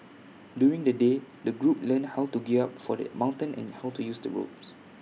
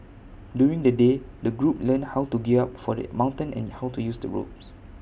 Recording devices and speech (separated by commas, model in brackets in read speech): mobile phone (iPhone 6), boundary microphone (BM630), read sentence